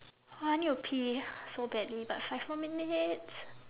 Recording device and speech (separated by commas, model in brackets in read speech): telephone, conversation in separate rooms